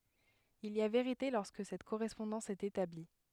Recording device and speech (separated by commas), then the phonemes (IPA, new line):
headset microphone, read sentence
il i a veʁite lɔʁskə sɛt koʁɛspɔ̃dɑ̃s ɛt etabli